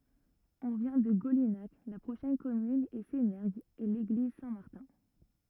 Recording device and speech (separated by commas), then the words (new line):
rigid in-ear microphone, read sentence
On vient de Golinhac, la prochaine commune est Sénergues et l'église Saint-Martin.